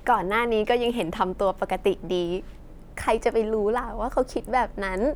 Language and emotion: Thai, happy